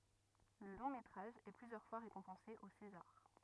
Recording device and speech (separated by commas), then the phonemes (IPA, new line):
rigid in-ear microphone, read sentence
lə lɔ̃ metʁaʒ ɛ plyzjœʁ fwa ʁekɔ̃pɑ̃se o sezaʁ